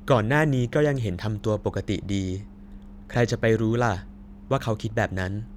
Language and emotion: Thai, neutral